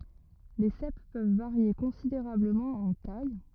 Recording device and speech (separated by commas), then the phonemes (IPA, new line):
rigid in-ear microphone, read sentence
le sɛp pøv vaʁje kɔ̃sideʁabləmɑ̃ ɑ̃ taj